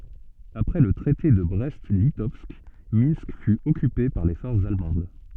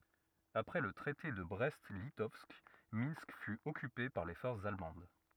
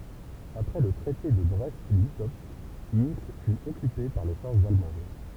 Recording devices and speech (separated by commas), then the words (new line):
soft in-ear microphone, rigid in-ear microphone, temple vibration pickup, read sentence
Après le Traité de Brest-Litovsk, Minsk fut occupée par les forces allemandes.